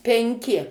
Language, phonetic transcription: Lithuanian, penˈki

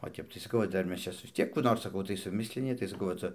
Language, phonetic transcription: Lithuanian, o ˈtep tai saˈkau va ˈdar ˈmes ˈčia vis ˈtiek kų ˈnor saˈkau tai suˈmislini tai saˈkau va ˈca

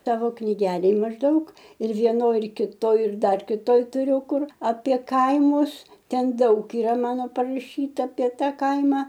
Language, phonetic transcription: Lithuanian, ˈtavo knyˈgelėj mažˈdaug ir vieˈnoj ir kiˈtoj ir ˈdar kiˈtoj tuˈriu ˈkur apie ˈkaimus ˈten ˈdaug yˈra ˈmano paraˈšyta apie ˈta ˈkaima

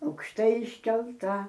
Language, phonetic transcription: Lithuanian, aukšˈtai iškelˈta

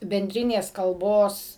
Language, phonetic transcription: Lithuanian, benˈdrinės kalˈbos

